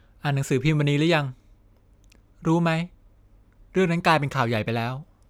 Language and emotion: Thai, neutral